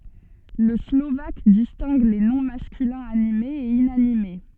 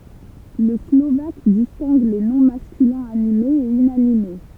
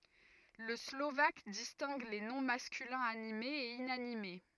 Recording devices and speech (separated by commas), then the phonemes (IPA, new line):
soft in-ear microphone, temple vibration pickup, rigid in-ear microphone, read sentence
lə slovak distɛ̃ɡ le nɔ̃ maskylɛ̃z animez e inanime